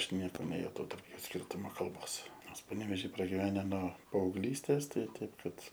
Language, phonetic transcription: Lithuanian, ˈaš ˈnieko nejuˈtau tarp ˈjų ˈskyrtumo kalˈbos ˈnors paneveˈžy pragiˈvene no paaugˈlystės ˈtai ˈtaip ˈkad

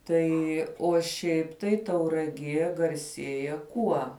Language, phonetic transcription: Lithuanian, ˈtai o ˈšiaip tai tauraˈgie garˈsieja ˈkuo

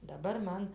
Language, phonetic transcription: Lithuanian, daˈbar ˈman

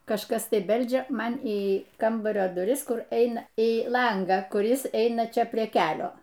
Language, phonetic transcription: Lithuanian, kažˈkas ˈtai ˈbeldžia ˈman į ˈkambario duˈris ˈkur ˈeina į ˈlangą kuˈris ˈtai ˈaina ˈčia prie ˈkelio

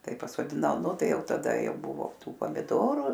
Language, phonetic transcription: Lithuanian, ˈtai pasodiˈnau ˈnu ˈtai ˈjau taˈda jau ˈbuvo ˈtų pamiˈdoru

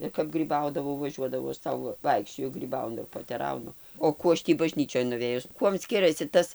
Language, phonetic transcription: Lithuanian, ir kap ˈgrybaudavau vaˈžiuodavau aš ˈsau ˈvaikščioju gryˈbaunu ir poteˈraunu o ˈkų aš ˈtį baˈžnyčioj nuˈvėjus ˈkuom ˈskirasi ˈtas

